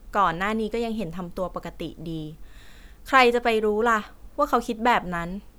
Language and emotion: Thai, frustrated